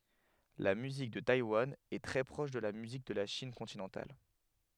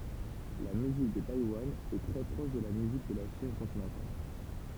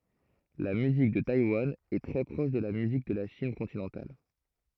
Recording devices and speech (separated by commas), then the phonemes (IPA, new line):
headset microphone, temple vibration pickup, throat microphone, read sentence
la myzik də tajwan ɛ tʁɛ pʁɔʃ də la myzik də la ʃin kɔ̃tinɑ̃tal